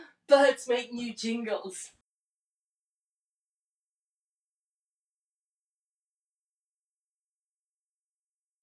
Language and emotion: English, happy